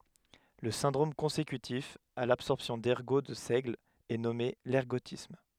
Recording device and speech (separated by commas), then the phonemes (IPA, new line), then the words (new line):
headset microphone, read sentence
lə sɛ̃dʁom kɔ̃sekytif a labsɔʁpsjɔ̃ dɛʁɡo də sɛɡl ɛ nɔme lɛʁɡotism
Le syndrome consécutif à l’absorption d'ergot de seigle est nommé l'ergotisme.